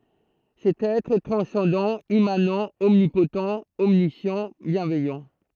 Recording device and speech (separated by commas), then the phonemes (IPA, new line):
throat microphone, read sentence
sɛt ɛtʁ ɛ tʁɑ̃sɑ̃dɑ̃ immanɑ̃ ɔmnipott ɔmnisjɑ̃ bjɛ̃vɛjɑ̃